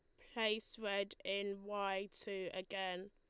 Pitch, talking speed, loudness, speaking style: 200 Hz, 125 wpm, -42 LUFS, Lombard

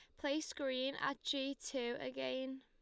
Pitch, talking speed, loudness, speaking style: 265 Hz, 150 wpm, -41 LUFS, Lombard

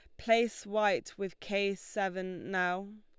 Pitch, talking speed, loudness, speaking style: 200 Hz, 130 wpm, -33 LUFS, Lombard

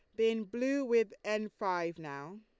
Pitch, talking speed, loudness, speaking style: 215 Hz, 165 wpm, -34 LUFS, Lombard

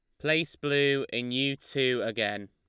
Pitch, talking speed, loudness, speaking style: 130 Hz, 155 wpm, -28 LUFS, Lombard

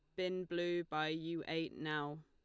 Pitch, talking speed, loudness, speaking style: 160 Hz, 175 wpm, -40 LUFS, Lombard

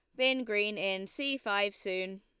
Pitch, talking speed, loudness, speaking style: 205 Hz, 180 wpm, -32 LUFS, Lombard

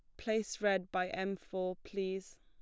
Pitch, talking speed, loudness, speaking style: 190 Hz, 165 wpm, -37 LUFS, plain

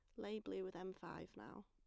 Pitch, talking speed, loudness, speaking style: 185 Hz, 245 wpm, -50 LUFS, plain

